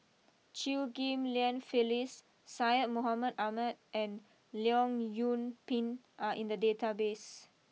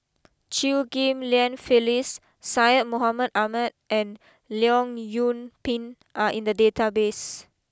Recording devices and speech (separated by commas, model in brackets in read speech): mobile phone (iPhone 6), close-talking microphone (WH20), read sentence